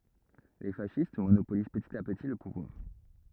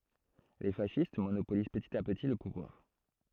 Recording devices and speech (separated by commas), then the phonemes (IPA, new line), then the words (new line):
rigid in-ear microphone, throat microphone, read sentence
le fasist monopoliz pətit a pəti lə puvwaʁ
Les fascistes monopolisent petit à petit le pouvoir.